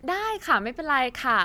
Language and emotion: Thai, happy